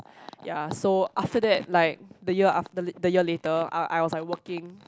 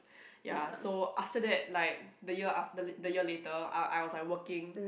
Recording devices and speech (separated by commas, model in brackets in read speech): close-talking microphone, boundary microphone, conversation in the same room